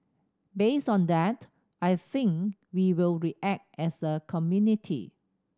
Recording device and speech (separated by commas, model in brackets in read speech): standing microphone (AKG C214), read sentence